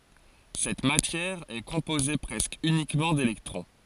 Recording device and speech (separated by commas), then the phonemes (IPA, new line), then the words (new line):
forehead accelerometer, read sentence
sɛt matjɛʁ ɛ kɔ̃poze pʁɛskə ynikmɑ̃ delɛktʁɔ̃
Cette matière est composée presque uniquement d’électrons.